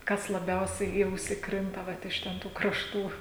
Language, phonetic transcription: Lithuanian, ˈkas laˈbiausiai į ˈausi ˈkrinta ˈvat iš ˈten ˈtų krašˈtų

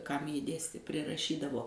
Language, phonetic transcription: Lithuanian, ˈkam ˈji ˈdėstė priraˈšydavo

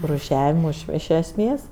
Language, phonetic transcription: Lithuanian, rūˈšiavimui iš esˈmės

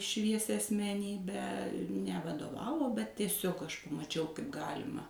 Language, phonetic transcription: Lithuanian, ˈšviesia asmeˈnybę nevadoˈvavo bet tieˈsig aš pamaˈčiau kaip ˈgalima

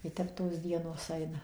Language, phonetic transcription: Lithuanian, i ˈtep tos ˈdienos ˈaina

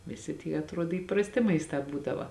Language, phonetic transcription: Lithuanian, viˈsi tie atˈruod įprasˈti maisˈtā ˈbūdava

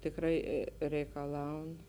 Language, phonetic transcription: Lithuanian, tikˈrai reikaˈlaun

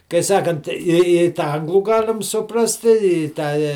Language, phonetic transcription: Lithuanian, kai ˈsakant i i tą ˈanglų ˈgalim suˈprasti i ˈtą

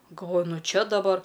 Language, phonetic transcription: Lithuanian, galˈvoju ˈnu ˈčia daˈbar

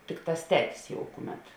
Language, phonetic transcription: Lithuanian, ˈtikˌtās ˈtetis jau ˈkuˌmet

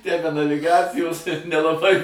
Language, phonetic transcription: Lithuanian, tę be naviˈgacijos ir nelaˈbai

